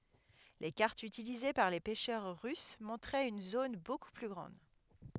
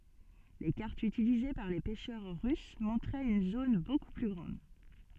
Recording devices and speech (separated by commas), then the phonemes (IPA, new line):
headset microphone, soft in-ear microphone, read sentence
le kaʁtz ytilize paʁ le pɛʃœʁ ʁys mɔ̃tʁɛt yn zon boku ply ɡʁɑ̃d